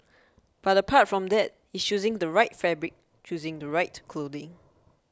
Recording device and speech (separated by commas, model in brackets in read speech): close-talking microphone (WH20), read sentence